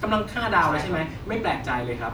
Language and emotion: Thai, neutral